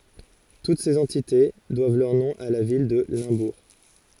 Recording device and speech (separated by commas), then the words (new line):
forehead accelerometer, read sentence
Toutes ces entités doivent leur nom à la ville de Limbourg.